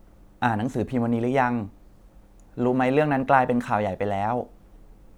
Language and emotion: Thai, neutral